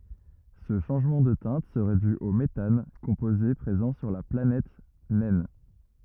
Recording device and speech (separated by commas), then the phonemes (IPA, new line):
rigid in-ear microphone, read sentence
sə ʃɑ̃ʒmɑ̃ də tɛ̃t səʁɛ dy o metan kɔ̃poze pʁezɑ̃ syʁ la planɛt nɛn